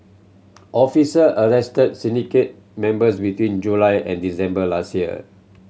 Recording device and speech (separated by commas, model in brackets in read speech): mobile phone (Samsung C7100), read sentence